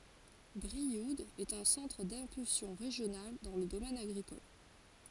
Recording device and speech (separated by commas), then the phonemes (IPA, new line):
forehead accelerometer, read sentence
bʁiud ɛt œ̃ sɑ̃tʁ dɛ̃pylsjɔ̃ ʁeʒjonal dɑ̃ lə domɛn aɡʁikɔl